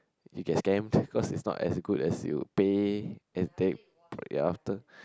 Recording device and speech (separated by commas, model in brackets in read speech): close-talking microphone, conversation in the same room